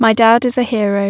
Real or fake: real